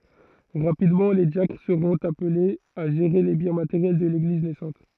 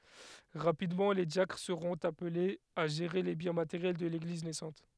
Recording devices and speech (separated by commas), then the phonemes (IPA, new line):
throat microphone, headset microphone, read sentence
ʁapidmɑ̃ le djakʁ səʁɔ̃t aplez a ʒeʁe le bjɛ̃ mateʁjɛl də leɡliz nɛsɑ̃t